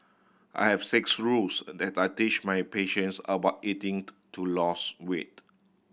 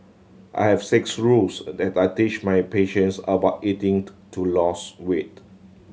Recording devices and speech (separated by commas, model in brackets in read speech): boundary microphone (BM630), mobile phone (Samsung C7100), read sentence